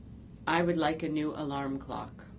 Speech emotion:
neutral